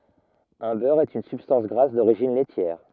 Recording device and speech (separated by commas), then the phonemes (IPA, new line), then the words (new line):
rigid in-ear microphone, read sentence
œ̃ bœʁ ɛt yn sybstɑ̃s ɡʁas doʁiʒin lɛtjɛʁ
Un beurre est une substance grasse d'origine laitière.